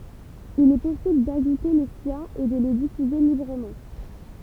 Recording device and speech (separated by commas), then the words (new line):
temple vibration pickup, read sentence
Il est possible d'ajouter les siens et de les diffuser librement.